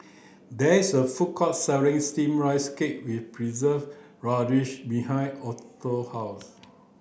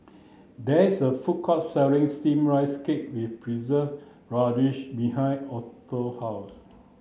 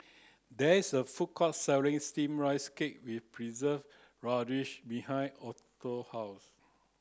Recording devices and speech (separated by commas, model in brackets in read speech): boundary microphone (BM630), mobile phone (Samsung C9), close-talking microphone (WH30), read sentence